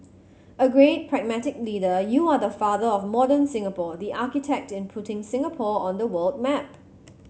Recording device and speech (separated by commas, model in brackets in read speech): mobile phone (Samsung C7100), read sentence